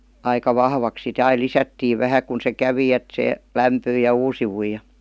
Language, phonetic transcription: Finnish, aika 'vahvaks sit ‿ai "lisättii 'vähä kun se 'kävi et se , "lämpyij ja "uusivuij ja .
- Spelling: aika vahvaksi sitten aina lisättiin vähän kun se kävi että se lämpyi ja uusiutui ja

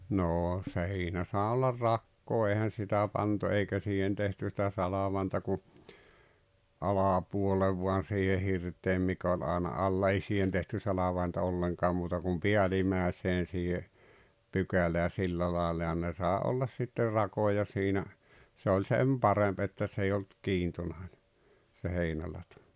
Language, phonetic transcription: Finnish, 'noo 'si̬inä saaᵉ ollar "rakkoo eihän̬ 'sitä pantu 'eikä siihen tehty sitä "salavàenta ku , "alàpuollev voan̬ siihe 'hirt̀eem mik ‿oĺ àena 'alla ei 'siihen tehty 'salavàenta 'olleŋkaa muuta kum "pe̬älimä̀eseen̬ siihe , "pykälää 'sillä laalla ja ne sàe 'ollas sitter 'rakoja siinä , se oĺ "sem 'paremp että s ‿ei olt , "kiintonàene , se 'heinälato .
- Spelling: no siinä saa olla rakoa eihän sitä pantu eikä siihen tehty sitä salvainta kuin alapuolelle vain siihen hirteen mikä oli aina alla ei siihen tehty salvainta ollenkaan muuta kuin päällimmäiseen siihen pykälään sillä lailla ja ne sai olla sitten rakoja siinä se oli sen parempi että se ei ollut kiintonainen se heinälato

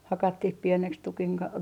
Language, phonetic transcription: Finnish, "hakattih pieneks tukiŋ ka ,.
- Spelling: hakattiin pieneksi tukin kanssa

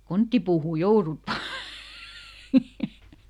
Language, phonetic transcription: Finnish, » ˈkonttiipuuhù "jourut ˈvaa !
- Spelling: konttipuuhun joudut vain

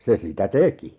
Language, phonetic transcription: Finnish, 'se sitä "teki .
- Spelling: se sitä teki

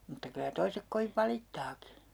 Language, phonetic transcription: Finnish, mutta kylä 'toisek 'koviv "valittaaki .
- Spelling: mutta kyllä toiset kovin valittaakin

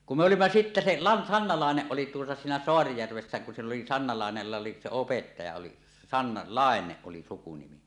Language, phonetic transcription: Finnish, kum 'me "olimma "sittä 'se La- , "Sanna 'Làeneˀ 'ˀoli tuota siinä 'Soarijärvessä kun sill ‿oli Sanna Làenella 'se "opettaja 'oli , "Sanna , "Làeneˀ 'ˀoli 'sukunimi .
- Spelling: kun me olimme sitten - - Sanna Laine oli tuota siinä Saarijärvessä kun sillä oli Sanna Laineella se opettaja oli Sanna Laine oli sukunimi

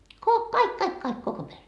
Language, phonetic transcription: Finnish, ko- "kaik 'kaik 'kaik 'koko pere .
- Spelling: - kaikki kaikki kaikki koko perhe

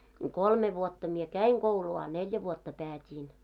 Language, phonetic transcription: Finnish, kolme vuotta mie "käiŋ ɢouluu a "neljä vuotta 'päät́iin .
- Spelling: kolme vuotta minä kävin koulua a neljä vuotta päätin

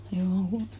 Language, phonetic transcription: Finnish, juu₍'u .
- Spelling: juu

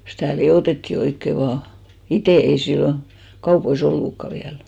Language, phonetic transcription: Finnish, 'stä̀ "li₍òtettì oikke 'vaa , "itè , ei 'sillon , 'kaupoi"s ‿ollukka 'viäl .
- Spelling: sitä liotettiin oikein vain itse ei silloin kaupoissa ollutkaan vielä

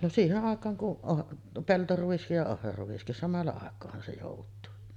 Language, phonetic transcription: Finnish, no 'siiheˀ 'ˀàek̆kaaŋ kuˀ ˀo-ˀ , "peltoru₍is ja 'ohraruᵛiskis 'samalla àek̆koohan se jòut̆tuu .
- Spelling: no siihen aikaan kun - peltoruis ja ohraruiskin samalla aikaahan se joutuu

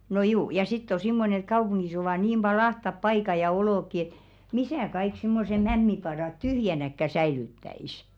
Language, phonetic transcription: Finnish, no 'juu , ja sitt ‿o 'simmonᵉⁿ̬ ‿et "kaupuŋɢis ovà niim ʙai 'ahtap "paika ja 'olòkki et , "misä̀ kaik simmose "mämmipadàt 'tyhjänäkkä 'säilyttä₍is .
- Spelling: no juu ja sitten on semmoinen että kaupungissa ovat niin paljon ahtaat paikat ja olotkin että missä kaikki semmoiset mämmipadat tyhjänäkään säilyttäisi

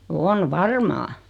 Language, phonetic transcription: Finnish, on "varmaa .
- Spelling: on varmaan

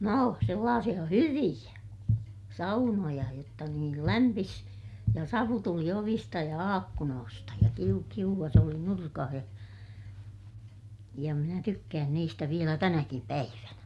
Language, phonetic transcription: Finnish, noo , sellaasiʲa hyviʲä , saunoja jotta niil lämpis , ja savu tuli ovista ja aakkunoosta ja kiu- , kiuvvas ‿oli nurkah ja , ja minä tykkään niistä vielä tänäkim päivänä .
- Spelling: no sellaisia hyviä saunoja jotta niin lämpisi ja savu tuli ovista ja ikkunoista ja - kiuas oli nurkassa ja ja minä tykkään niistä vielä tänäkin päivänä

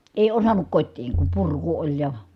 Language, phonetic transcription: Finnish, èi osannuk kot́tiiŋ kum purku oĺ ja ,.
- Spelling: ei osannut kotiin kun purku oli ja

